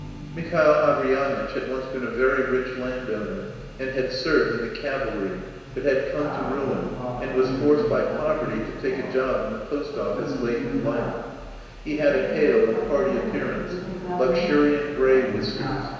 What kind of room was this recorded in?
A large, echoing room.